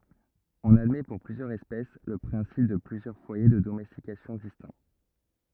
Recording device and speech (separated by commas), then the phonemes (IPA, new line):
rigid in-ear microphone, read sentence
ɔ̃n admɛ puʁ plyzjœʁz ɛspɛs lə pʁɛ̃sip də plyzjœʁ fwaje də domɛstikasjɔ̃ distɛ̃